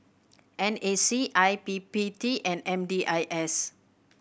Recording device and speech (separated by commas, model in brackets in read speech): boundary microphone (BM630), read sentence